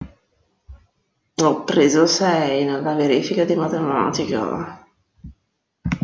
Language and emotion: Italian, sad